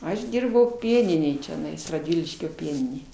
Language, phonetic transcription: Lithuanian, ˈaš ˈdyrbau ˈpieninėj čiaˈnais radˈviliškio ˈpieninėj

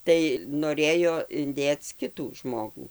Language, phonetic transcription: Lithuanian, ˈtai noˈrėjo inˈdėc ˈkitų ˈžmogų

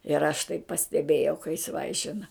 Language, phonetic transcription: Lithuanian, ir aš tai pasteˈbėjau ka jis ˈvaišina

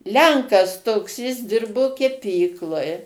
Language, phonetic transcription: Lithuanian, ˈlenkas toks jis ˈdirbo keˈpykloj

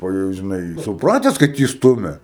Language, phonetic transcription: Lithuanian, o ˈjau žiˈnai suˈprates kad ˈjį ˈstumia

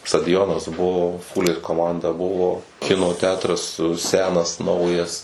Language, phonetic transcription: Lithuanian, stadiˈjonas ˈbuvo ˈfūlės koˈmanda ˈbuvo ˈkino ˈtetras ˈsenas ˈnaujas

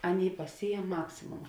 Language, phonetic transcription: Lithuanian, ˈaˌnėi paˈsyjem ˈmaksimoma

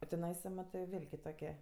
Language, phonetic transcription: Lithuanian, o tiˈnaisa ˈmatɜ ˈvil' kiˈtokie

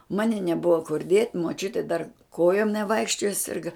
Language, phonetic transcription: Lithuanian, ˈmani neˈbuva kur diet' muoˈčiutė dar ˈkojom neˈvaikščioja ˈsirga

